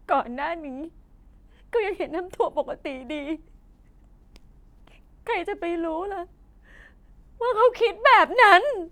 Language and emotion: Thai, sad